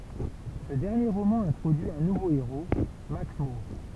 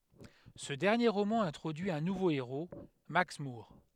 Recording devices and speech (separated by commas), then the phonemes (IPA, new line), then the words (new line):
temple vibration pickup, headset microphone, read sentence
sə dɛʁnje ʁomɑ̃ ɛ̃tʁodyi œ̃ nuvo eʁo maks muʁ
Ce dernier roman introduit un nouveau héros, Max Moore.